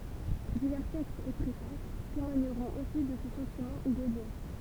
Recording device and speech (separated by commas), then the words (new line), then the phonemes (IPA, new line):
temple vibration pickup, read sentence
Divers textes et préfaces témoigneront aussi de ses sentiments gaulliens.
divɛʁ tɛkstz e pʁefas temwaɲəʁɔ̃t osi də se sɑ̃timɑ̃ ɡoljɛ̃